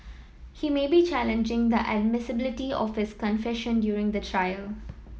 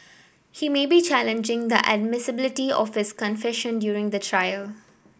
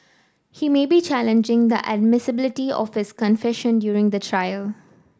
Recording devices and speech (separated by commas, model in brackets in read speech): mobile phone (iPhone 7), boundary microphone (BM630), standing microphone (AKG C214), read sentence